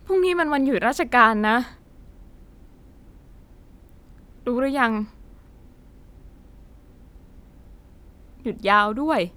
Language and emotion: Thai, sad